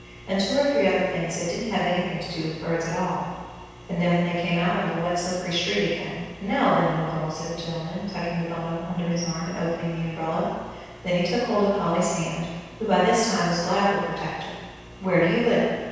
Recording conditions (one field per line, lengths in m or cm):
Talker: one person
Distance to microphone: 7.1 m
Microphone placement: far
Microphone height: 1.7 m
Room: very reverberant, large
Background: none